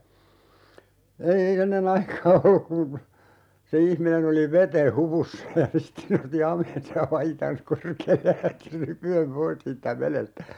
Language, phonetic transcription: Finnish, ei ei (ennen) ‿aikaa "olluk kun̬ , se 'ihminen ‿oli "vete 'hu(p)ussa ja 'sitte (se) nosti 'ham̀eensa ja "paitans 'korkeellej ja 'lähti ('rypy₍em) "pois siittä 'velestä .
- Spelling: ei ei ennen aikaa ollut kun se ihminen oli veden hupussa ja sitten se nosti hameensa ja paitansa korkealle ja lähti rypien pois siitä vedestä

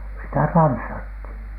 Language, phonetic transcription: Finnish, sitä 'tanssathìn .
- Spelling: sitä tanssittiin

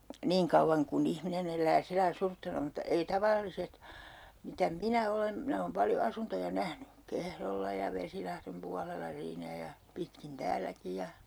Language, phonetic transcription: Finnish, 'niiŋ kauvvaŋ kun 'ihminen ‿el̆lää sillaⁱ 'suruttoma(na) mutta ei 'tavalliset , mitä "minä 'olen , 'minä oom 'paljo 'asuntoja "nähny , 'Kehrolla ja 'Vesilahrem pualella 'siinä ja , 'pitkin 'tääläki ja , .
- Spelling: niin kauan kuin ihminen elää sillä lailla suruttomana mutta ei tavalliset mitä minä olen minä olen paljon asuntoja nähnyt Kehrolla ja Vesilahden puolella siinä ja pitkin täälläkin ja

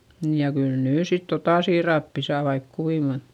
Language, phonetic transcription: Finnish, niij ja kyl nyy sit totà siirappi saa vaik kuiŋ Gon ,.
- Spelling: niin ja kyllä nyt sitten tuota siirappia saa vaikka kuinka kun

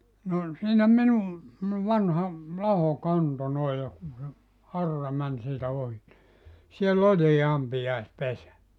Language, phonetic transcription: Finnish, no , 'siinä 'minu , [se]mmone 'vanha , 'laho "kanto 'noi ja kun̬ se , "arra 'män siitä 'ohi ni , siel"l ‿oĺii 'ampijaes"pesä .
- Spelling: no siinä minun semmoinen vanha laho kanto noin ja kun se aura meni siitä ohi niin siellä oli ampiaispesä

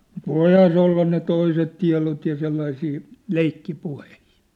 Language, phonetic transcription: Finnish, mut "voihaa se olla ne 'toiset tia̭lot ja 'sellaisii , "leikki'puhehɪɪ .
- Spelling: mutta voihan se olla ne toiset tiedot ja sellaisia leikkipuheita

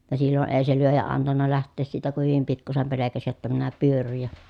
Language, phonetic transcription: Finnish, ja sillo ʼee se lyöjä antanna läht̆tees siitä ku hyvim pikkusem pelekäsi jotta minä pyörryj ja ,.
- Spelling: ja silloin ei se lyöjä antanut lähteä siitä kun hyvin pikkuisen pelkäsi jotta minä pyörryn ja

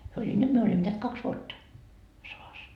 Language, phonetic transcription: Finnish, hyö oĺi , 'nyt myö oĺimmo neät 'kaks vuotta , 'sovas .
- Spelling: he oli nyt me olimme näet kaksi vuotta sodassa

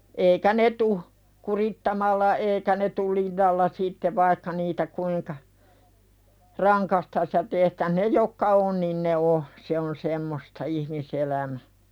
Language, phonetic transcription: Finnish, 'eikä "ne tuh , 'kurittamalla 'eekä ne tul "linnalla sitte vaikka niitä 'kuiŋka , "raŋkastas ja 'tehtäh 'ne jokka "on niin ne 'o , se on "semmosta ihmi'selämä .
- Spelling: eikä ne tule kurittamalla eikä ne tule linnalla sitten vaikka niitä kuinka rangaistaisiin ja tehtäisiin ne jotka on niin ne on se on semmoista ihmiselämä

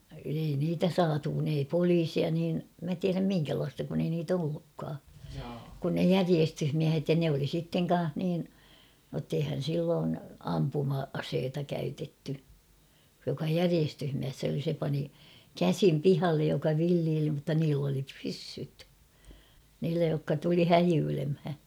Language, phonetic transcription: Finnish, ei niitä saatu kun ‿ei 'poliisia niin , mä tiäräm 'miŋkälaasta kun ‿ei niit ‿'ollukkaa kun ne "järiestyhmiähet ja ne oli sitteŋ 'kan̬h niin , nott ‿eihän̬ 'silloon 'ampuma₍'aseeta käytetty , joka "järiestyhmiäss ‿oli se pani , "käsim "pihallej joka 'villiili mutta niill ‿oli 'pyssyt , niillä jokka tuli "häjyylemhä .
- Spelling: ei niitä saatu kun ei poliisia niin minä tiedä minkälaista kun ei niitä ollutkaan kuin ne järjestysmiehet ja ne oli sitten kanssa niin jotta eihän silloin ampuma-asetta käytetty joka järjestysmies oli se pani käsin pihalle joka villeili mutta niillä oli pyssyt niillä jotka tuli häijyilemään

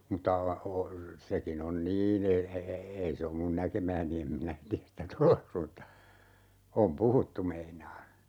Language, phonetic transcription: Finnish, mutta la- , o- , 'sekin ‿on "niin e- , e - e- , 'ei se om mun "näkemääni em minä 'tiäs sitä "toleks mutta , 'om "puhuttu meinaa .
- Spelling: mutta - - sekin on niin - - - ei se ole minun näkemääni en minä tiedä sitä todeksi mutta on puhuttu meinaan

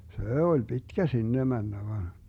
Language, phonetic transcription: Finnish, 'sè oĺ 'pitkä 'sinne 'männä van ,.
- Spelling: se oli pitkä sinne mennä vaan

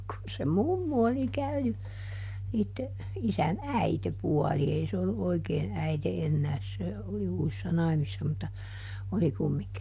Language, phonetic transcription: Finnish, kun se "mummu oli ˈkäyny , niitte , ˈisän "äitepuali - ˈei se olluʼ ˈʼoikee(n) ˈäite ˈennääs se , oli ˈuusⁱssa "naimisⁱssa mutta , oli ˈkummiŋki .
- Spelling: kun se mummu oli käynyt niiden isän äitipuoli ei se ollut oikein äiti enää se oli uusissa naimisissa mutta oli kumminkin

